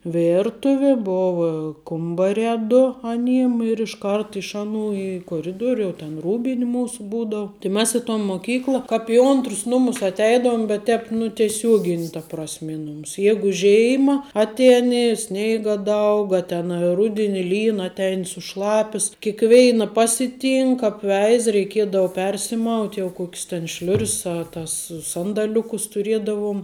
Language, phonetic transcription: Lithuanian, ˈvėrtuvi ˈbova ˈkumbariā ˈdu aˈnym ir išˈkart iš ˈaˌnų į koˈriduoriu jau ten ˈrūbin' ˈmūsu ˈbūdau tai ˈmes i ton moˈkykla kāp i ˈontrus ˈnumus atˈeidoum bet ˈtēp nu tieˈsiuogin' ta prasˈme ˈi ˌnumus ˈjėgu ˈžėima ˈatieni ˈsneiga ˈdaug a ten a ˈrudini ˈlyn atˈein suˈšlapis kikˈveina ˈpasiˌtynk apˈveiza reiˈkiedava ˈpersimaut' jau ˈkokis ten ˈšliur's a tas ˈsandaliukus tuˈriedavom

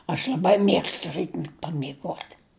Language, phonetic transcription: Lithuanian, aš l'aˈbai ˈmiegstu ˈrytmet' pamiˈguot'

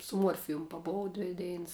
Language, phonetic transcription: Lithuanian, su ˈmuorfijum paˈbov ˈdvi ˈdeins

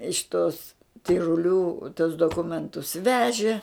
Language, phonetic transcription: Lithuanian, iš ˈtos tiruˈlių tuos doˈkumentus ˈveži

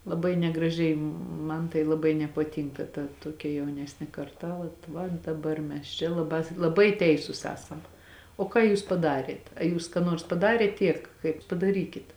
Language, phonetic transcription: Lithuanian, laˈbai negraˈžiai ˈman tai laˈbai nepaˈtynka ta ˈtuokia jauˈnesnė karˈta ˈvat ˈvat daˈbar mes ˈčia laˈbā laˈbai ˈteisus ˈesam o ˈką jūs paˈdariet a ˈjūs ką ˈnuors paˈdarėt ˈtiek kaip padaˈrykit

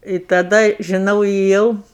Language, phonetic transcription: Lithuanian, i taˈda žiˈnau ėˈjau

